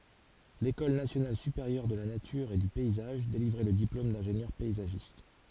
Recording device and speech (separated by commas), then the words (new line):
forehead accelerometer, read sentence
L'école nationale supérieure de la nature et du paysage délivrait le diplôme d'ingénieur paysagiste.